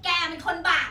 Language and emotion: Thai, angry